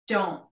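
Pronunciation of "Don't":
In 'don't', the final t is unreleased: it is not fully said, and no t sound is heard.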